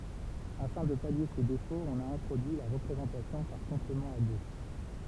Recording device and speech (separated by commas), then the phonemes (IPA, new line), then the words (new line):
temple vibration pickup, read sentence
afɛ̃ də palje sə defot ɔ̃n a ɛ̃tʁodyi la ʁəpʁezɑ̃tasjɔ̃ paʁ kɔ̃plemɑ̃ a dø
Afin de pallier ce défaut, on a introduit la représentation par complément à deux.